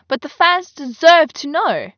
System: none